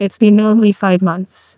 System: TTS, neural waveform model